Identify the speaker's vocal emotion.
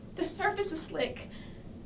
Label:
fearful